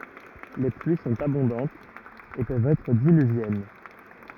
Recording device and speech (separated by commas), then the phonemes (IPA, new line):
rigid in-ear microphone, read sentence
le plyi sɔ̃t abɔ̃dɑ̃tz e pøvt ɛtʁ dilyvjɛn